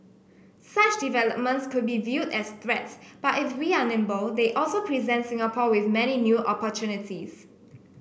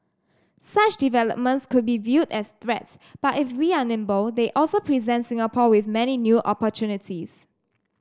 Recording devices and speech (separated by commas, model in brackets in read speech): boundary microphone (BM630), standing microphone (AKG C214), read sentence